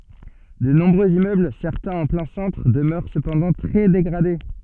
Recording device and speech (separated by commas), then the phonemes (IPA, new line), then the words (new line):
soft in-ear microphone, read sentence
də nɔ̃bʁøz immøbl sɛʁtɛ̃z ɑ̃ plɛ̃ sɑ̃tʁ dəmœʁ səpɑ̃dɑ̃ tʁɛ deɡʁade
De nombreux immeubles, certains en plein centre, demeurent cependant très dégradés.